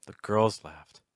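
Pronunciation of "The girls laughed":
In 'The girls laughed', the pitch starts low, goes high, and then goes down.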